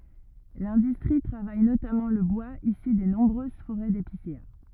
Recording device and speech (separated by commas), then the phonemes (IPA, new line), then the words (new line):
rigid in-ear microphone, read sentence
lɛ̃dystʁi tʁavaj notamɑ̃ lə bwaz isy de nɔ̃bʁøz foʁɛ depisea
L'industrie travaille notamment le bois issu des nombreuses forêts d'épicéas.